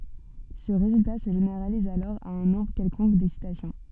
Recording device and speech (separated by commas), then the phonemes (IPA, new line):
soft in-ear microphone, read sentence
sə ʁezylta sə ʒeneʁaliz alɔʁ a œ̃ nɔ̃bʁ kɛlkɔ̃k dɛksitasjɔ̃